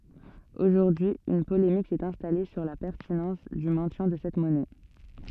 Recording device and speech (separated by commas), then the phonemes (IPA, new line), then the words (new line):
soft in-ear microphone, read sentence
oʒuʁdyi yn polemik sɛt ɛ̃stale syʁ la pɛʁtinɑ̃s dy mɛ̃tjɛ̃ də sɛt mɔnɛ
Aujourd'hui, une polémique s'est installée sur la pertinence du maintien de cette monnaie.